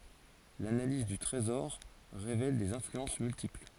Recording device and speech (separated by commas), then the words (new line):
forehead accelerometer, read sentence
L'analyse du trésor révèle des influences multiples.